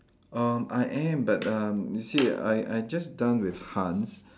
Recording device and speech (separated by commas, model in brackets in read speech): standing microphone, conversation in separate rooms